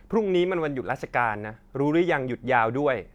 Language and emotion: Thai, frustrated